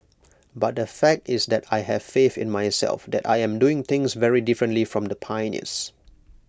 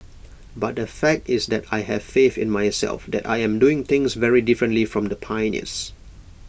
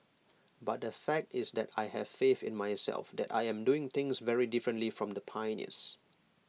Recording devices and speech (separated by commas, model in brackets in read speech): close-talking microphone (WH20), boundary microphone (BM630), mobile phone (iPhone 6), read sentence